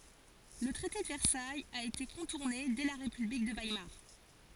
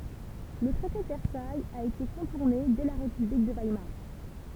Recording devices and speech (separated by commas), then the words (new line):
forehead accelerometer, temple vibration pickup, read sentence
Le traité de Versailles a été contourné dès la république de Weimar.